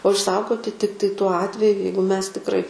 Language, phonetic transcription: Lithuanian, o išˈsaugoti ˈtiktai tuo ˈatveju ˈjeigu ˈmes tikˈrai

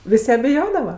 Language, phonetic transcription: Lithuanian, ˈvis' ja biˈjodava

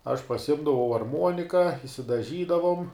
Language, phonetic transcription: Lithuanian, aš pasiˈimdavau arˈmuonika išsidaˈžydavom

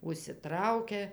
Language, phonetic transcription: Lithuanian, užsiˈtraukia

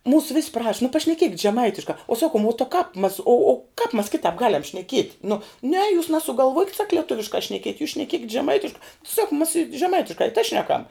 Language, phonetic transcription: Lithuanian, ˈmūsu vis' praš nu pašneˈkiekit' žeˈmaitiška u ˈsakum o ta kāp mas o o kāp mas ˈkitāp ˈgaliam šneˈkiet' nu ne jūs nasugalˈvuokit sak lieˈtuviškā šneˈkiet' jūs šneˈkiekit' žeˈmaitiška sak mas i žeˈmaitiška i tai ˈšneˌkam

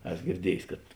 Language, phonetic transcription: Lithuanian, ˈes girˈdiejs' kad

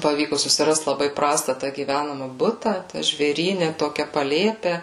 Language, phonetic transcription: Lithuanian, paˈvyku susiˈrast laˈbai ˈprasta ta gyˈvænama ˈbuta ˈtæ žvėˈryne ˈtokia paˈlėpe

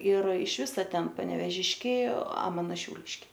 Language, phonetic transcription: Lithuanian, ir iš ˈvisa ˈten panevėˈžiškiai a ˈmano šiauˈliškiai

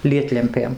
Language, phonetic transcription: Lithuanian, ˈlietlempėm

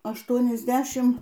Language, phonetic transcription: Lithuanian, ašˌtuonisˈdešim

